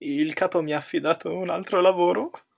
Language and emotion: Italian, fearful